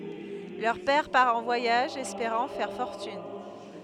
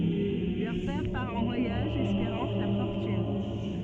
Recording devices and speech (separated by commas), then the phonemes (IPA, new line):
headset microphone, soft in-ear microphone, read sentence
lœʁ pɛʁ paʁ ɑ̃ vwajaʒ ɛspeʁɑ̃ fɛʁ fɔʁtyn